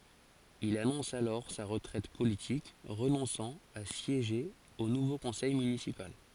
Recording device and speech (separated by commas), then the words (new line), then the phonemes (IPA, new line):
forehead accelerometer, read sentence
Il annonce alors sa retraite politique, renonçant à siéger au nouveau conseil municipal.
il anɔ̃s alɔʁ sa ʁətʁɛt politik ʁənɔ̃sɑ̃ a sjeʒe o nuvo kɔ̃sɛj mynisipal